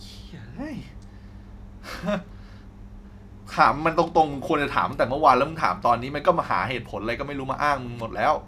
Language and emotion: Thai, angry